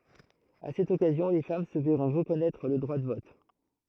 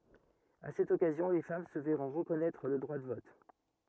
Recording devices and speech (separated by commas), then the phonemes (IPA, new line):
throat microphone, rigid in-ear microphone, read sentence
a sɛt ɔkazjɔ̃ le fam sə vɛʁɔ̃ ʁəkɔnɛtʁ lə dʁwa də vɔt